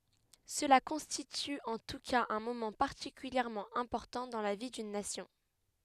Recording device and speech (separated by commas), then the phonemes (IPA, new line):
headset microphone, read sentence
səla kɔ̃stity ɑ̃ tu kaz œ̃ momɑ̃ paʁtikyljɛʁmɑ̃ ɛ̃pɔʁtɑ̃ dɑ̃ la vi dyn nasjɔ̃